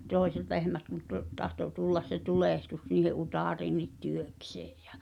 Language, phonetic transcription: Finnish, 'tòi̬set lehmät kun to- , tahto 'tullas se "tulèhtus niihe '’utàriin̆nit "työksᴇᴇ ᴊᴀ̈ .
- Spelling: toiset lehmät kun - tahtoi tulla se tulehdus niiden utareisiinkin työkseen ja

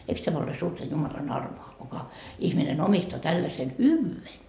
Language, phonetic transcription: Finnish, eiks 'tämä ole 'suurta 'Jumalan 'armoa kuka , 'ihminen omistoa 'tällasen "hyvvyy₍en .
- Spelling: eikös tämä ole suurta Jumalan armoa kuka ihminen omistaa tällaisen hyvyyden

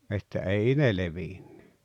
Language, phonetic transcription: Finnish, että 'ei ne 'levinɴʏ .
- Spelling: että ei ne levinnyt

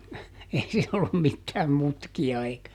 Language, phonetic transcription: Finnish, ˈei siin ‿ollum ˈmittääm ˈmutki₍a eikä ,.
- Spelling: ei siinä ollut mitään mutkia eikä

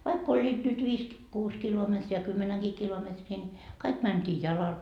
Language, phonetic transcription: Finnish, 'vaik ‿oĺĺiit nyt viis ki- , 'kuus 'kilometri ja 'kymmenäŋGii kilometrii ńi , 'kaik 'mänt́ii "jalal .
- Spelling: vaikka olivat nyt viisi - kuusi kilometriä ja kymmenenkin kilometriä niin kaikki mentiin jalalla

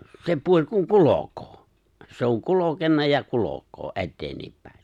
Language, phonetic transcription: Finnish, 'se 'puo̹ĺ kuŋ "kulok̀oo , se ‿o̭ŋ 'kulokenna ja 'kulok̀oo , '’etteenniippäe .
- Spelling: se puoli kun kulkee se on kulkenut ja kulkee eteenpäin

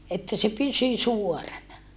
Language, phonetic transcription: Finnish, että se pysy suorana .
- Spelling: että se pysyi suorana

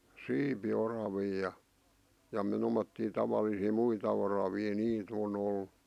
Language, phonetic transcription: Finnish, 'siipi'oravii ja , ja m̥ 'tomottii 'tavalisii 'muita oravii 'nii't ‿o'n ‿ol[lut] .
- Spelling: siipioravia ja ja - tuommoisia tavallisia muita oravia niitä on ollut

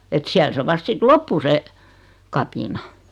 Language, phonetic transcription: Finnish, et 'siäl se 'vast sit "loppu se , "kapina .
- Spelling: että siellä se vasta sitten loppui se kapina

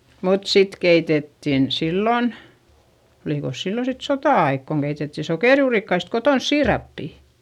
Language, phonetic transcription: Finnish, mut sit keitettin , sillon , olìkos sillon sit sotà₍aik koŋ Geitetti sokèrjuurikkaist kotons siirappi .
- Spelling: mutta sitten keitettiin silloin olikos silloin sitten sota-aika kun keitettiin sokerijuurikkaista kotona siirappia

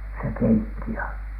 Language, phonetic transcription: Finnish, se "keitti ja .
- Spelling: se keitti ja

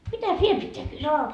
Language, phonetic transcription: Finnish, "mitäs "viel pitteä kyssyy ?
- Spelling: mitäs vielä pitää kysyä

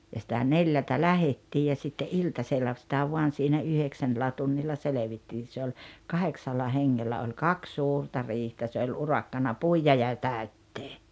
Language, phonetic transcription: Finnish, ja sⁱtä "neljältä "lähettii ja sitte "’iltasella sⁱtä 'vuan̬ siinä "yheksännᵉllä tunnilla "selevittiin̬ se oĺ , "kaheksalla "heŋŋellä oĺ "kaks 'suurta 'riihtä se oĺ "urakkana "puija ja "tä̀öttee .
- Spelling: ja sitä neljältä lähdettiin ja sitten iltasella sitä vain siinä yhdeksännellä tunnilla selvittiin se oli kahdeksalla hengellä oli kaksi suurta riihtä se oli urakkana puida ja täyttää

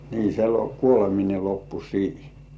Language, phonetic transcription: Finnish, nii se lo- "kuolemine 'loppu siihᴇ .
- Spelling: niin se - kuoleminen loppui siihen

